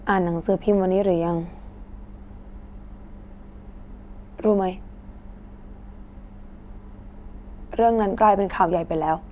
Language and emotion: Thai, frustrated